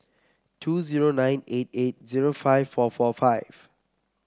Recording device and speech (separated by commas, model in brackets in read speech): close-talking microphone (WH30), read sentence